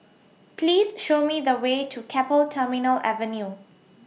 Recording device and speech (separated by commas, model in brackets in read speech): mobile phone (iPhone 6), read sentence